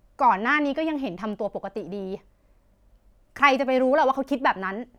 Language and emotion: Thai, angry